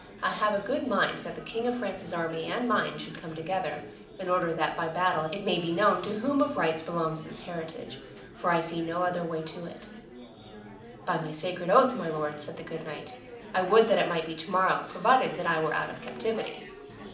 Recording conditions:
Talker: one person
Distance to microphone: 2.0 m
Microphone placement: close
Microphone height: 99 cm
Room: medium-sized (5.7 m by 4.0 m)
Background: babble

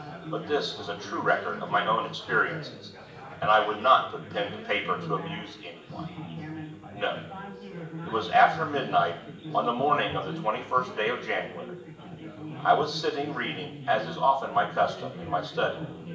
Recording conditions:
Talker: one person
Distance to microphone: 1.8 m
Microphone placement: close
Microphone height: 1.0 m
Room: large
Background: babble

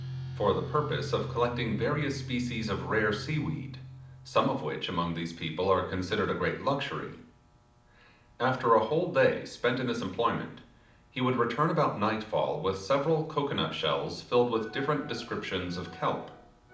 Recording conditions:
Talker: one person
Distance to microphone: 2.0 m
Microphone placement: close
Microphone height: 99 cm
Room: medium-sized (5.7 m by 4.0 m)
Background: music

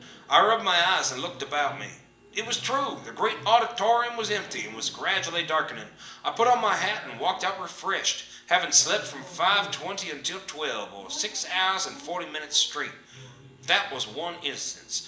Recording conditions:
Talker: one person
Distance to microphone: 1.8 m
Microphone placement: close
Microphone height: 1.0 m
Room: large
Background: television

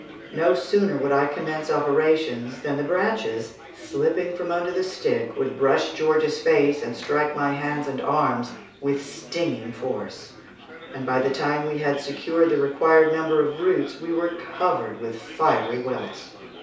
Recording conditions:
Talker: one person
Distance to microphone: 3.0 m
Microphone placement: far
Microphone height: 1.8 m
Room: small (3.7 m by 2.7 m)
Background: babble

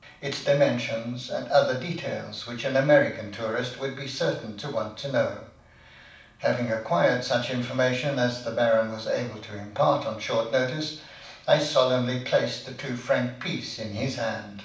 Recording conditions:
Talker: one person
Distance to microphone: 5.8 m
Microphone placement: far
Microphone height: 1.8 m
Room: medium-sized (5.7 m by 4.0 m)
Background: none

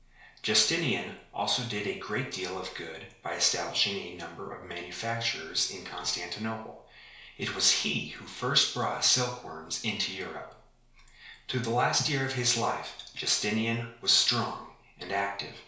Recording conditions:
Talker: one person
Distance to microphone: 1.0 m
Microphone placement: close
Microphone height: 1.1 m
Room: small (3.7 m by 2.7 m)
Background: none

